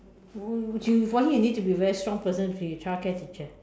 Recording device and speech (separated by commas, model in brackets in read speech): standing microphone, conversation in separate rooms